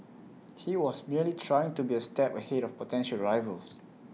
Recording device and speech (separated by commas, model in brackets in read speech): mobile phone (iPhone 6), read sentence